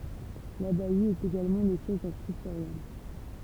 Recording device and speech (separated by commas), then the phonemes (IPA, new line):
temple vibration pickup, read sentence
labaj etɛt eɡalmɑ̃ lə sjɛʒ dœ̃ skʁiptoʁjɔm